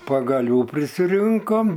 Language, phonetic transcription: Lithuanian, pagaˈlių prisiˈrinkom

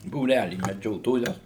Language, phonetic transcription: Lithuanian, būˈrælį meˈdžiotoja

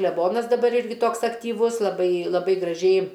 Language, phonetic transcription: Lithuanian, kleˈbonas daˈbar ˈirgi ˈtoks aktyˈvus laˈbai laˈbai graˈžiai

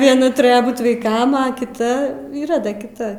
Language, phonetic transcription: Lithuanian, vieˈna tuˈrejo ˈbūt vaiˈkam a kiˈta yˈra ˈda kiˈta

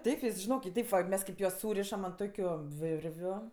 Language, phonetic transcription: Lithuanian, ˈteip vis žiˈnok i ˈteip va ˈmes kaip ˈjuos ˈsūrišam ant ˈtokiu ˈvirviu

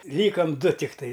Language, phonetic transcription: Lithuanian, ˈlykam ˈdu tikˈtai

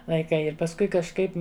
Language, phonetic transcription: Lithuanian, laiˈkai ir pasˈkui kažˈkaip

